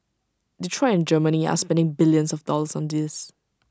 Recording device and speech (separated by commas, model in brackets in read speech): standing microphone (AKG C214), read sentence